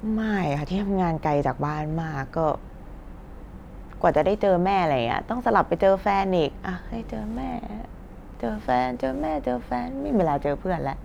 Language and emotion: Thai, frustrated